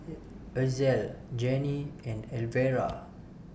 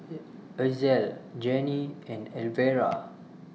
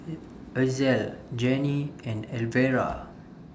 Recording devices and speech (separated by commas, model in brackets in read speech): boundary microphone (BM630), mobile phone (iPhone 6), standing microphone (AKG C214), read sentence